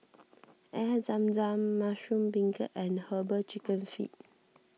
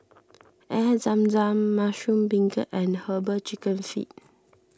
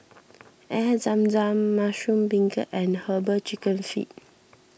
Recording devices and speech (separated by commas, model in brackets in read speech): mobile phone (iPhone 6), standing microphone (AKG C214), boundary microphone (BM630), read sentence